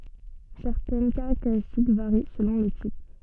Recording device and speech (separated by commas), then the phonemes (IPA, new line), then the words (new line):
soft in-ear microphone, read sentence
sɛʁtɛn kaʁakteʁistik vaʁi səlɔ̃ lə tip
Certaines caractéristiques varient selon le type.